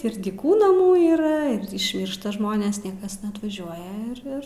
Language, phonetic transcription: Lithuanian, ir dyˈkų naˈmų yˈra ir išˈmyršta ˈžmonės ˈniekas neatvaˈžiuoja ir ˈir

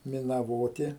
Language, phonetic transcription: Lithuanian, minaˈvoti

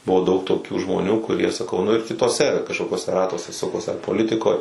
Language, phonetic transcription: Lithuanian, ˈbuvo daug toˈkių žmoˈnių kuˈrie saˈkau nu ir kituoˈse kažkokiuoˈse ˈratuose ˈsukos ar poˈlitikoj

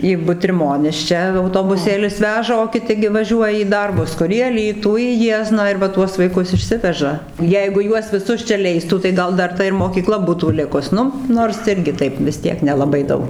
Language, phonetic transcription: Lithuanian, į butriˈmonis ˈčia autobuˈsėlis ˈveža o kiˈti gi vaˈžiuoja į ˈdarbus ˈkur į aˈlytų į ˈjiezną ir va ˈtuos vaiˈkus išˈsiveža ˈjeigu ˈjuos viˈsus čia ˈleistų tai ˈgal ˈdar ˈta ir mokyˈkla ˈbūtų ˈlikus ˈnu ˈnors irˈgi ˈtaip visˈ tiek nelaˈbai ˈdaug

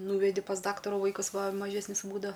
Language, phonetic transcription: Lithuanian, ˈnūvedi pas ˈdaktarų ˈvaikas ˈva maˈžesnis ˈbūda

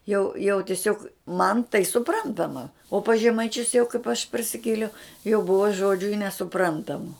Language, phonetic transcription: Lithuanian, jau jau tiˈsiog ˈman tai suˈprantama o pas žemaiˈčius jau kaip aš parsiˈkėliau jau ˈbuva ˈžodžiu i nesuˈprantamu

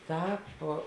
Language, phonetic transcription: Lithuanian, ˈtāp

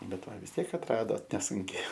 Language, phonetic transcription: Lithuanian, ˈbet ˈva vis ˈtiek atˈradot neˈsunkiai

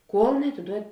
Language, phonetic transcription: Lithuanian, ˈkuol neatiˈduod'

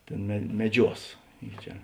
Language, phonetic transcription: Lithuanian, ˈtėn me meˈdžiuos i ˈčia

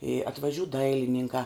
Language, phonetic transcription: Lithuanian, i atvaˈžiū ˈdailininkā

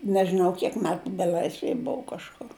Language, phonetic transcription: Lithuanian, nežiˈnau kiek ˈmetu beˈl'aisvej ˈbuvu kažˈkur

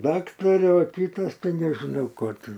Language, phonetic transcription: Lithuanian, ˈdaktare o ˈkytas ˈtai nežiˈnau ˈko ˈtin

